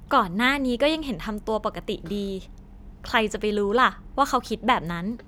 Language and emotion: Thai, happy